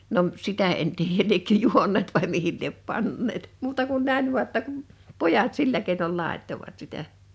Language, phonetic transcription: Finnish, 'nom , "sitä en tiijäl liekkö 'juonneet vài 'mihil liep 'panneet muuta kun 'näin vu̬a ‿tta kum , "pojat 'sillä kèinol 'làettovat 'sitä .
- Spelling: no sitä en tiedä lieneekö juoneet vai mihin lie panneet muuta kuin näin vain jotta kun pojat sillä keinoin laittoivat sitä

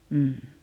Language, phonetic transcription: Finnish, m̥m̥ .
- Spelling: mm

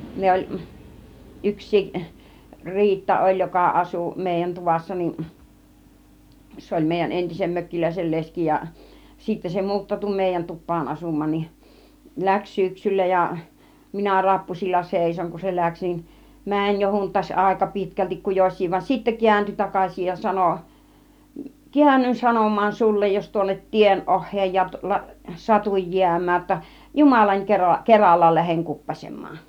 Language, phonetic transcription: Finnish, 'ne oĺ , 'yks̆siiˀ , "Riitta 'oĺ joka "asù , mèijän 'tuvassa niin , 'se oĺ mèijän 'entisem 'mökkiläisel 'leski ja , sittä se 'muuttàutu 'mèijän 'tuppaan 'asum̆maan nin , 'läks "syksyllä ja , minä 'rappusilla 'sèisoŋ kun se 'läks nin , 'mäń jo 'hunttaś àika 'pitkältik (kuj 'juossiiˀ) va 'sittä kiänty 'takàsij ja 'sano , » 'kiännyn 'sanom̆maam 'sullej jos tuonnet 'tien 'oh̆heej ja- , la- , 'satuj 'jiäm̆mää ‿°tta , "jumalaŋ 'kera- , 'keralla läheŋ 'kuppas͕em̆maan̬ « .
- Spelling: ne oli yksikin Riitta oli joka asui meidän tuvassa niin se oli meidän entisen mökkiläisen leski ja sitten se muuttautui meidän tupaan asumaan niin lähti syksyllä ja minä rappusilla seisoin kun se lähti niin meni jo hunttasi aika pitkälti kun juoksi vaan sitten kääntyi takaisin ja sanoi käännyin sanomaan sinulle jos tuonne tien oheen - - satun jäämään jotta jumalan - keralla lähden kuppasemaan

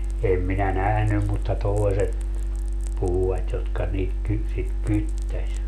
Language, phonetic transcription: Finnish, 'em minä "nähnym mutta "toeset , 'puhuwat jotka niik ky- , sit "kyttäś .
- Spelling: en minä nähnyt mutta toiset puhuivat jotka niitä - sitä kyttäsi

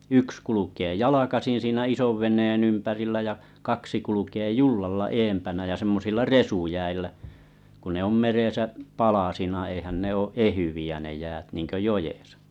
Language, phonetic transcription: Finnish, 'yks kulukee "jalakasin̬ siinä 'isov'veǹeen ‿ympärillä ja , 'kaksi kulukee "jullalla "eempänä ja 'semmosilla "resujäillä , ku ne ‿om 'merèsä , 'palàsina eihän 'ne oo "ehyvi₍ä ne jäät 'niiŋkö "jojèsᴀ .
- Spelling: yksi kulkee jalkaisin siinä isonveneen ympärillä ja kaksi kulkee jollalla edempänä ja semmoisilla resujäillä kun ne on meressä palasina eihän ne ole ehyitä ne jäät niin kuin joessa

